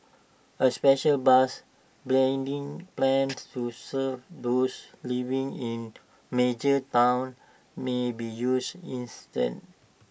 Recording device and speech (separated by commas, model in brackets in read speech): boundary microphone (BM630), read sentence